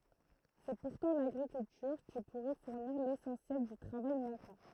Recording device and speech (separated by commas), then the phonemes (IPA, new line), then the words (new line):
throat microphone, read sentence
sɛ puʁtɑ̃ laɡʁikyltyʁ ki puʁɛ fuʁniʁ lesɑ̃sjɛl dy tʁavaj mɑ̃kɑ̃
C’est pourtant l’agriculture qui pourrait fournir l’essentiel du travail manquant.